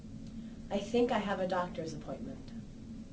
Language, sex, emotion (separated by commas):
English, female, neutral